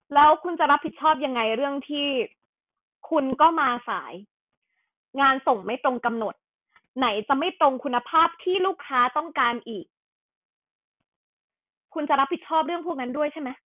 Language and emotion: Thai, angry